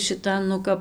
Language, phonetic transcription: Lithuanian, šiˈtan nu ˈkap

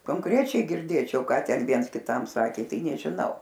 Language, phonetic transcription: Lithuanian, konˈkrečiai girˈdėčiau ˈką ˈten ˈviens kiˈtam ˈsakė ˈtai nežiˈnau

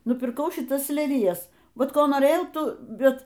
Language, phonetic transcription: Lithuanian, nupirˈkau šiˈtas leliˈjas ˈvat ˈko noˈrėjau ˈtų ˈbet

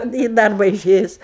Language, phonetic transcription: Lithuanian, į ˈdarba iˈšėjus

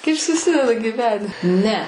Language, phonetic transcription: Lithuanian, ˈkaip suˈsideda gyˈveni ˈne

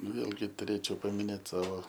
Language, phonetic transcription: Lithuanian, ˈvėlgi tuˈrėčiau pamiˈnėt ˈsavo

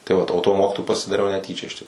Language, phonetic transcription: Lithuanian, tai ˈvat o tuo ˈmokitoju pasidaˈriau neˈtyčia iš tik

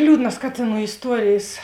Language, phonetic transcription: Lithuanian, ˈliūdnas ˈkatėˌnų isˈtuorėjės

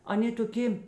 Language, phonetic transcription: Lithuanian, aˈnė toˈkė

